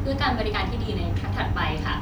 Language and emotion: Thai, happy